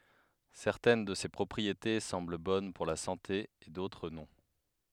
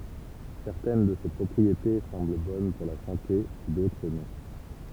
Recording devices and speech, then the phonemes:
headset microphone, temple vibration pickup, read sentence
sɛʁtɛn də se pʁɔpʁiete sɑ̃bl bɔn puʁ la sɑ̃te e dotʁ nɔ̃

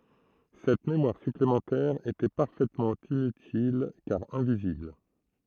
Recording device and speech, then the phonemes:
throat microphone, read sentence
sɛt memwaʁ syplemɑ̃tɛʁ etɛ paʁfɛtmɑ̃ inytil kaʁ ɛ̃vizibl

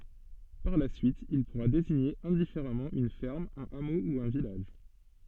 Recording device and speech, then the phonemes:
soft in-ear microphone, read sentence
paʁ la syit il puʁa deziɲe ɛ̃difeʁamɑ̃ yn fɛʁm œ̃n amo u œ̃ vilaʒ

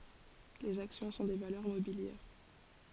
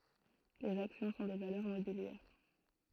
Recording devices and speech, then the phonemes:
forehead accelerometer, throat microphone, read sentence
lez aksjɔ̃ sɔ̃ de valœʁ mobiljɛʁ

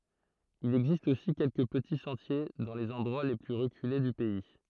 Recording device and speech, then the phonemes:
throat microphone, read sentence
il ɛɡzist osi kɛlkə pəti sɑ̃tje dɑ̃ lez ɑ̃dʁwa le ply ʁəkyle dy pɛi

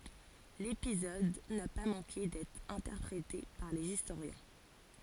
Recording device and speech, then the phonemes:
forehead accelerometer, read sentence
lepizɔd na pa mɑ̃ke dɛtʁ ɛ̃tɛʁpʁete paʁ lez istoʁjɛ̃

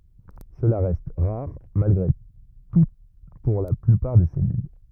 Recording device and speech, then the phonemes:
rigid in-ear microphone, read sentence
səla ʁɛst ʁaʁ malɡʁe tu puʁ la plypaʁ de sɛlyl

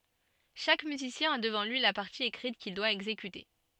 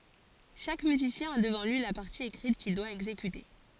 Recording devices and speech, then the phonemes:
soft in-ear microphone, forehead accelerometer, read sentence
ʃak myzisjɛ̃ a dəvɑ̃ lyi la paʁti ekʁit kil dwa ɛɡzekyte

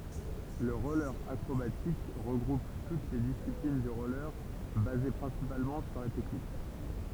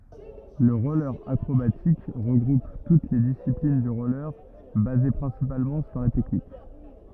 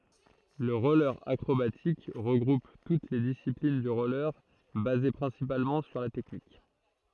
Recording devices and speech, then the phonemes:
temple vibration pickup, rigid in-ear microphone, throat microphone, read sentence
lə ʁɔle akʁobatik ʁəɡʁup tut le disiplin dy ʁɔle baze pʁɛ̃sipalmɑ̃ syʁ la tɛknik

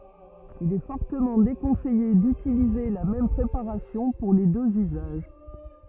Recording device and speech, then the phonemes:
rigid in-ear microphone, read sentence
il ɛ fɔʁtəmɑ̃ dekɔ̃sɛje dytilize la mɛm pʁepaʁasjɔ̃ puʁ le døz yzaʒ

